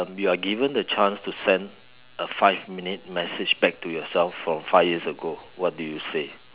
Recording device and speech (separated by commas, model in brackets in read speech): telephone, conversation in separate rooms